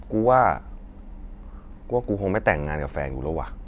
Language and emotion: Thai, frustrated